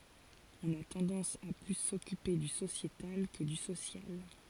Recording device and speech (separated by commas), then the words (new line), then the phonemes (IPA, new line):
forehead accelerometer, read sentence
On a tendance à plus s’occuper du sociétal que du social.
ɔ̃n a tɑ̃dɑ̃s a ply sɔkype dy sosjetal kə dy sosjal